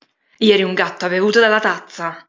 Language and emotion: Italian, angry